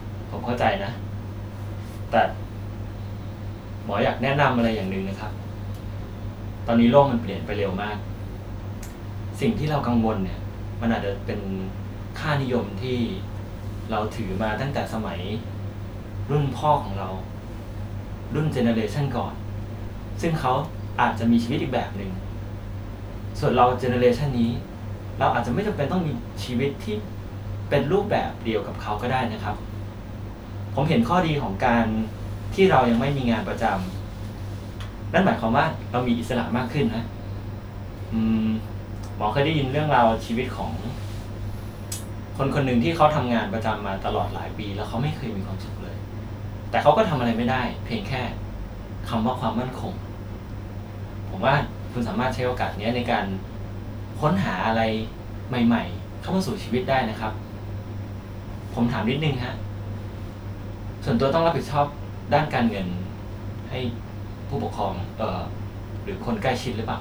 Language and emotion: Thai, neutral